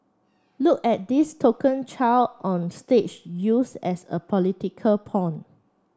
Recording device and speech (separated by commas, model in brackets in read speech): standing microphone (AKG C214), read sentence